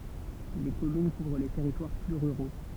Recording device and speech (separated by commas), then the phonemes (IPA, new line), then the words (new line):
temple vibration pickup, read sentence
le kɔmyn kuvʁ le tɛʁitwaʁ ply ʁyʁo
Les communes couvrent les territoires plus ruraux.